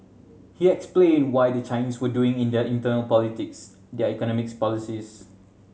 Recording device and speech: mobile phone (Samsung C7100), read sentence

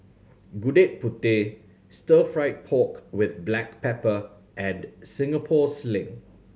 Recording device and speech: mobile phone (Samsung C7100), read sentence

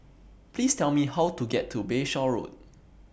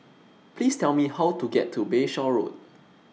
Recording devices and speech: boundary microphone (BM630), mobile phone (iPhone 6), read sentence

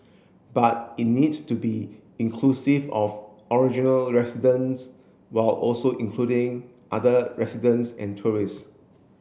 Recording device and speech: boundary microphone (BM630), read sentence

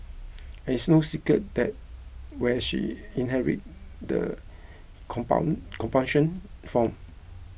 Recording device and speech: boundary microphone (BM630), read sentence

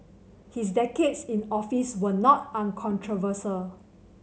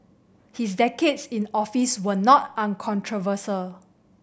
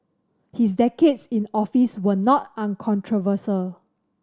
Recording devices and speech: mobile phone (Samsung C7100), boundary microphone (BM630), standing microphone (AKG C214), read sentence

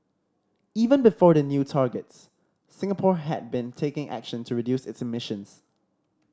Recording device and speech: standing microphone (AKG C214), read sentence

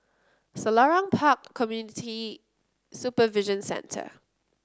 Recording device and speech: close-talking microphone (WH30), read sentence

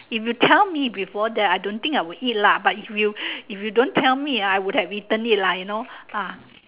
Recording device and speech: telephone, conversation in separate rooms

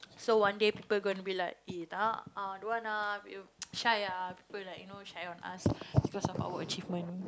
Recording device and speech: close-talking microphone, conversation in the same room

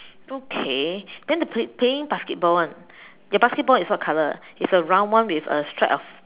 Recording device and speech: telephone, conversation in separate rooms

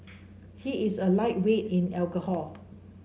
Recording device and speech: mobile phone (Samsung C5), read sentence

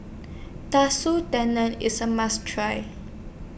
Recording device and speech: boundary microphone (BM630), read sentence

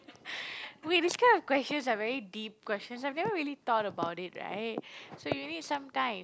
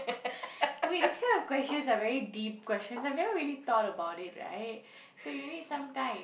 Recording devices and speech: close-talking microphone, boundary microphone, conversation in the same room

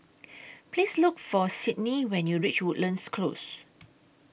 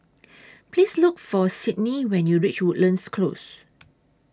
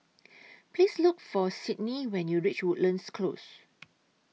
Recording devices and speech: boundary microphone (BM630), standing microphone (AKG C214), mobile phone (iPhone 6), read sentence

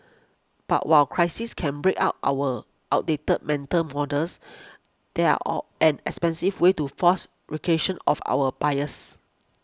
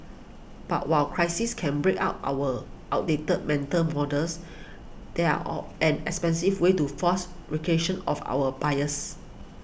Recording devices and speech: close-talking microphone (WH20), boundary microphone (BM630), read sentence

